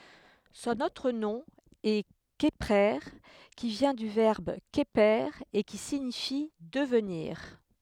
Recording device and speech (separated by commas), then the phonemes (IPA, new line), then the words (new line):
headset microphone, read sentence
sɔ̃n otʁ nɔ̃ ɛ kəpʁe ki vjɛ̃ dy vɛʁb kəpe e ki siɲifi dəvniʁ
Son autre nom est Kheprer, qui vient du verbe Kheper et qui signifie devenir.